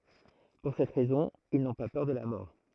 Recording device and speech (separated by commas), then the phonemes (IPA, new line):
throat microphone, read sentence
puʁ sɛt ʁɛzɔ̃ il nɔ̃ pa pœʁ də la mɔʁ